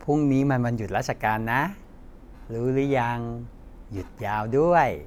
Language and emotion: Thai, happy